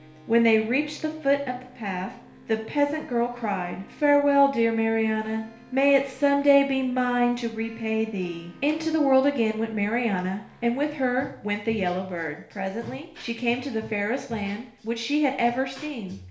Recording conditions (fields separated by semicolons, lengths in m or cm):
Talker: one person; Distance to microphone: 1.0 m; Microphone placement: close; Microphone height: 1.1 m; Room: small (3.7 m by 2.7 m); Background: music